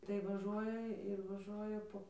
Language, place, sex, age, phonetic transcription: Lithuanian, Dzūkija, female, 18-60, tai vaˈžuoja ir vaˈžuoja ˈpo

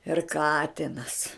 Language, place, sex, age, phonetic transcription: Lithuanian, Žemaitija, female, 60+, ir ˈkatinas

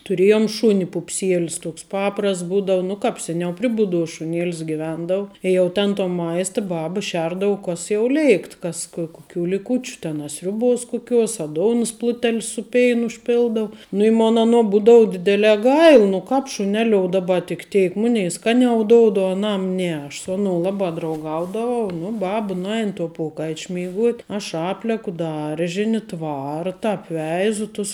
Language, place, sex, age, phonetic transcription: Lithuanian, Žemaitija, female, 18-60, tuˈrėjom ˈšuni pupˈsielis ˈtuoks ˈpaprasts ˈbūdau ˈnu kap ˈseˌniau ˈpri buˌdos šuˈnėlis giˈvendau i jau ˈten to ˈmaista ˈbaba ˈšerdavu ˈkas jau ˈlėikt ˈkas kɜ i kuˈkių liˈkučiu ten a ˈsriuˌbos kuˈkiuos a ˈdounas pluˈtel' su ˈpeinu užˈpildau nu i ˈmon ˈanuo ˈbūdau ˈdidelē ˈgail nu ˈkāp šuˈneliou ˈdaba tik ˈteik ˈmunei ˈskaniau ˈdoud o aˈnam ˈne aš su aˈnou ˈlabā drauˈgaudavau nu ˈbaba nuˈein to ˈpokaič' meiˈguot' aš ˈapleku ˈdaržini ˈtvarta apˈveizu tus

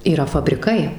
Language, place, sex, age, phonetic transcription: Lithuanian, Suvalkija, female, 18-60, yˈra fabriˈkai

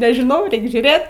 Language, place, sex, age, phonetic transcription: Lithuanian, Aukštaitija, female, 18-60, nežiˈnau ˈreik žiūˈrėt

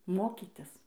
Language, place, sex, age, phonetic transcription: Lithuanian, Dzūkija, female, 18-60, ˈmokitis

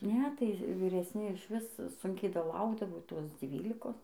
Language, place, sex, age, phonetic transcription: Lithuanian, Dzūkija, female, 18-60, ˈne tai viresˈni išˈvis ˈsunkiai daˈlaukdavo ˈtos ˈdzvylikos

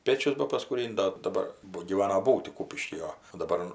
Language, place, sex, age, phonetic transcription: Lithuanian, Aukštaitija, female, 60+, ˈpėčius bapaskūˈrin't' ˈdo daˈbar ˈbu gyˈvana ˈbūti ˈkūpišky 'o o daˈbar

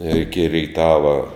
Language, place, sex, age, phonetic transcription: Lithuanian, Žemaitija, male, 60+, ir iki reiˈtava

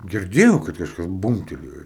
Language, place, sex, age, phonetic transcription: Lithuanian, Aukštaitija, male, 18-60, girˈdėjau kad kažˈkas ˈbūmbtelėjo

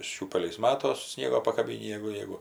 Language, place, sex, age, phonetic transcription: Lithuanian, Aukštaitija, female, 60+, ˈšiūpeliais ˈmatos ˈsniego pakaˈbynį ˈjegu ˈjeigu

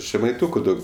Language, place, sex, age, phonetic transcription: Lithuanian, Aukštaitija, male, 18-60, žemaiˈtuku ˈdaug

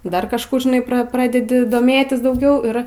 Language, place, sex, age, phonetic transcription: Lithuanian, Aukštaitija, female, 18-60, ˈdar kažˈkų žiˈnai pra ˈpradedi doˈmėtis dauˈgiau ˈir

